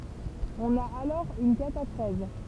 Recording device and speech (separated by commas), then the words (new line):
temple vibration pickup, read sentence
On a alors une catachrèse.